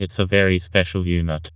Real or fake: fake